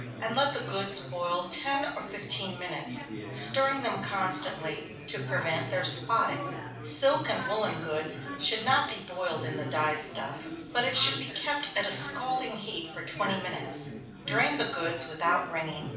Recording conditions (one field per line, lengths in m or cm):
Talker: one person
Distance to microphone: 5.8 m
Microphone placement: far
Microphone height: 1.8 m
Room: medium-sized (5.7 m by 4.0 m)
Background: babble